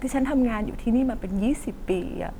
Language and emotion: Thai, sad